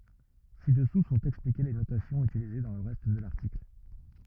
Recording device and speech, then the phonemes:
rigid in-ear microphone, read sentence
sidɛsu sɔ̃t ɛksplike le notasjɔ̃z ytilize dɑ̃ lə ʁɛst də laʁtikl

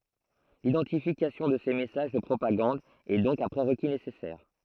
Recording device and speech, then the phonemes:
throat microphone, read sentence
lidɑ̃tifikasjɔ̃ də se mɛsaʒ də pʁopaɡɑ̃d ɛ dɔ̃k œ̃ pʁeʁki nesɛsɛʁ

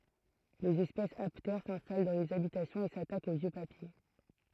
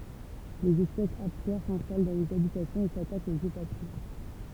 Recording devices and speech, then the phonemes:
throat microphone, temple vibration pickup, read sentence
lez ɛspɛsz aptɛʁ sɛ̃stal dɑ̃ lez abitasjɔ̃z e satakt o vjø papje

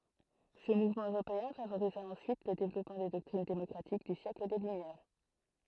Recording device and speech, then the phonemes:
throat microphone, read sentence
sə muvmɑ̃ øʁopeɛ̃ favoʁiza ɑ̃syit lə devlɔpmɑ̃ de dɔktʁin demɔkʁatik dy sjɛkl de lymjɛʁ

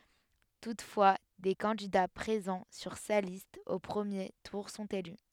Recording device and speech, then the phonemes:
headset microphone, read sentence
tutfwa de kɑ̃dida pʁezɑ̃ syʁ sa list o pʁəmje tuʁ sɔ̃t ely

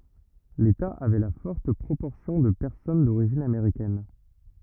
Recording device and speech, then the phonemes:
rigid in-ear microphone, read sentence
leta avɛ la fɔʁt pʁopɔʁsjɔ̃ də pɛʁsɔn doʁiʒin ameʁikɛn

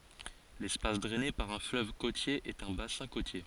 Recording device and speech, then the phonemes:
forehead accelerometer, read sentence
lɛspas dʁɛne paʁ œ̃ fløv kotje ɛt œ̃ basɛ̃ kotje

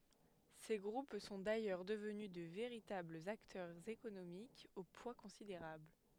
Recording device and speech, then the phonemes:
headset microphone, read sentence
se ɡʁup sɔ̃ dajœʁ dəvny də veʁitablz aktœʁz ekonomikz o pwa kɔ̃sideʁabl

